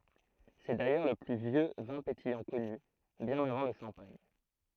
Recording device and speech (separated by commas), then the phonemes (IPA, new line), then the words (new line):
throat microphone, read sentence
sɛ dajœʁ lə ply vjø vɛ̃ petijɑ̃ kɔny bjɛ̃n avɑ̃ lə ʃɑ̃paɲ
C'est d'ailleurs le plus vieux vin pétillant connu, bien avant le champagne.